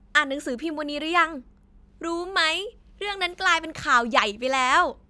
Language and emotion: Thai, happy